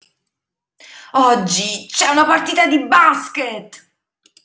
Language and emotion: Italian, angry